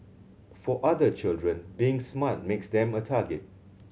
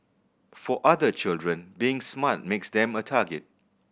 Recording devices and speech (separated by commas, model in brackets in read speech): mobile phone (Samsung C7100), boundary microphone (BM630), read sentence